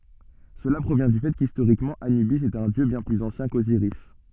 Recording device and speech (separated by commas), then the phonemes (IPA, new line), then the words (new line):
soft in-ear microphone, read sentence
səla pʁovjɛ̃ dy fɛ kistoʁikmɑ̃ anybis ɛt œ̃ djø bjɛ̃ plyz ɑ̃sjɛ̃ koziʁis
Cela provient du fait qu'historiquement Anubis est un dieu bien plus ancien qu'Osiris.